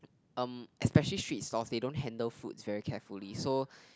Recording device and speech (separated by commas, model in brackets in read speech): close-talking microphone, conversation in the same room